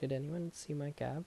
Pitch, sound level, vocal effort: 150 Hz, 75 dB SPL, soft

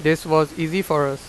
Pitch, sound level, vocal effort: 155 Hz, 92 dB SPL, loud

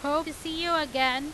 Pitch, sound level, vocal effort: 305 Hz, 97 dB SPL, very loud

